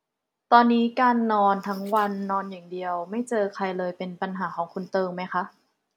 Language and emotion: Thai, neutral